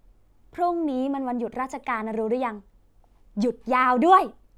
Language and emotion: Thai, happy